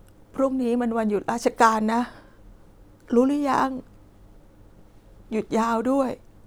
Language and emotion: Thai, sad